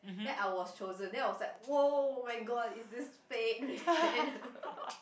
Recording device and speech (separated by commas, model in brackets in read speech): boundary microphone, conversation in the same room